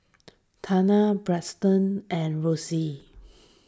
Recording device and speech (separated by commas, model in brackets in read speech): standing microphone (AKG C214), read sentence